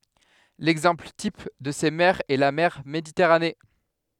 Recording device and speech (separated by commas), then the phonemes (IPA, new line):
headset microphone, read sentence
lɛɡzɑ̃pl tip də se mɛʁz ɛ la mɛʁ meditɛʁane